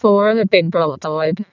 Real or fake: fake